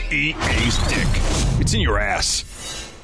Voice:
gruff voice